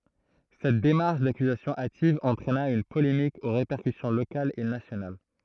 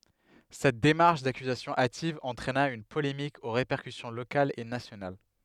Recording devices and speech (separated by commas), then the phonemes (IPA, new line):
throat microphone, headset microphone, read sentence
sɛt demaʁʃ dakyzasjɔ̃ ativ ɑ̃tʁɛna yn polemik o ʁepɛʁkysjɔ̃ lokalz e nasjonal